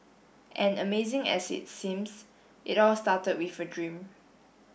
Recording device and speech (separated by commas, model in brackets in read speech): boundary microphone (BM630), read sentence